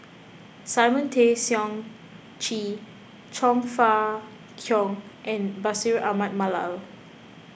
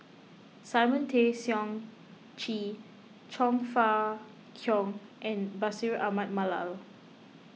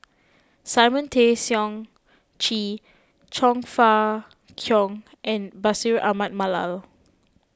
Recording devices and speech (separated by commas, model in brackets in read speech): boundary microphone (BM630), mobile phone (iPhone 6), close-talking microphone (WH20), read sentence